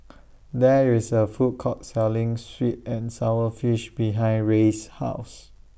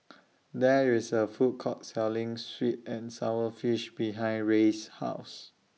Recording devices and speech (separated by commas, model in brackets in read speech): boundary microphone (BM630), mobile phone (iPhone 6), read sentence